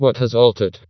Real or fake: fake